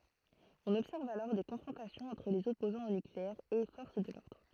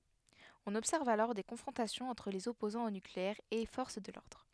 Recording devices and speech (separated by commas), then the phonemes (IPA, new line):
throat microphone, headset microphone, read sentence
ɔ̃n ɔbsɛʁv alɔʁ de kɔ̃fʁɔ̃tasjɔ̃z ɑ̃tʁ lez ɔpozɑ̃z o nykleɛʁ e fɔʁs də lɔʁdʁ